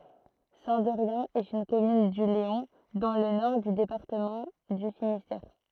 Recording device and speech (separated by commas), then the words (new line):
throat microphone, read sentence
Saint-Derrien est une commune du Léon, dans le nord du département du Finistère.